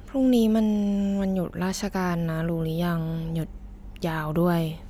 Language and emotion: Thai, frustrated